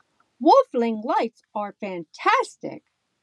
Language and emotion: English, neutral